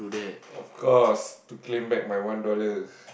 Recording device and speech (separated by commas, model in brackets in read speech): boundary microphone, conversation in the same room